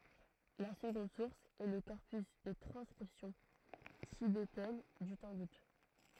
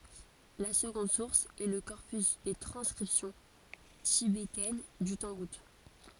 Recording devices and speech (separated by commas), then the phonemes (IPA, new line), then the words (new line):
throat microphone, forehead accelerometer, read sentence
la səɡɔ̃d suʁs ɛ lə kɔʁpys de tʁɑ̃skʁipsjɔ̃ tibetɛn dy tɑ̃ɡut
La seconde source est le corpus des transcriptions tibétaines du tangoute.